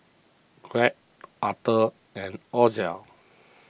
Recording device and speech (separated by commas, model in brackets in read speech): boundary microphone (BM630), read sentence